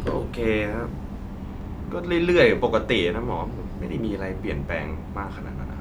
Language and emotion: Thai, frustrated